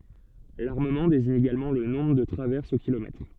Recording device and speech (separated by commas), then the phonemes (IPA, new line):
soft in-ear microphone, read sentence
laʁməmɑ̃ deziɲ eɡalmɑ̃ lə nɔ̃bʁ də tʁavɛʁsz o kilomɛtʁ